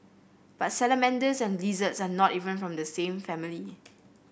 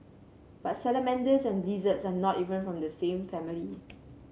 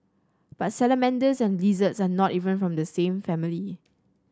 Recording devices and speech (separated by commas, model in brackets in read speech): boundary microphone (BM630), mobile phone (Samsung C7), standing microphone (AKG C214), read sentence